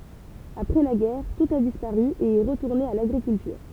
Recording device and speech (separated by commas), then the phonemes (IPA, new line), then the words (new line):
temple vibration pickup, read sentence
apʁɛ la ɡɛʁ tut a dispaʁy e ɛ ʁətuʁne a laɡʁikyltyʁ
Après la guerre, tout a disparu et est retourné à l'agriculture.